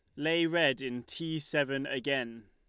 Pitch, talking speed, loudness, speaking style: 140 Hz, 155 wpm, -31 LUFS, Lombard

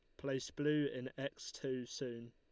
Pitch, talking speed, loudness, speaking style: 130 Hz, 170 wpm, -41 LUFS, Lombard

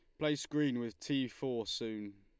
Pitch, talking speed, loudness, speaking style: 120 Hz, 180 wpm, -37 LUFS, Lombard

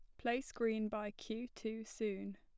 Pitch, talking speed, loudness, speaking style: 220 Hz, 165 wpm, -41 LUFS, plain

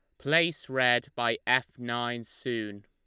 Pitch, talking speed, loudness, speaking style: 120 Hz, 135 wpm, -28 LUFS, Lombard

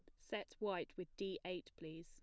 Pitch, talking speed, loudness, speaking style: 180 Hz, 200 wpm, -47 LUFS, plain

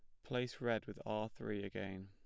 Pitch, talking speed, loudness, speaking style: 105 Hz, 195 wpm, -43 LUFS, plain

